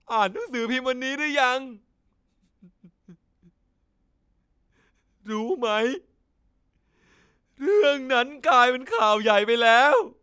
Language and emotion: Thai, sad